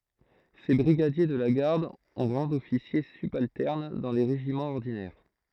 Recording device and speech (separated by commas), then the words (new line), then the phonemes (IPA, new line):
throat microphone, read sentence
Ces brigadiers de la garde ont rang d'officier subalterne dans les régiments ordinaires.
se bʁiɡadje də la ɡaʁd ɔ̃ ʁɑ̃ dɔfisje sybaltɛʁn dɑ̃ le ʁeʒimɑ̃z ɔʁdinɛʁ